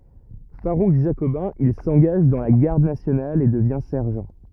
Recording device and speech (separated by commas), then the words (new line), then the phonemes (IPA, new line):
rigid in-ear microphone, read sentence
Farouche jacobin, il s'engage dans la Garde nationale et devient sergent.
faʁuʃ ʒakobɛ̃ il sɑ̃ɡaʒ dɑ̃ la ɡaʁd nasjonal e dəvjɛ̃ sɛʁʒɑ̃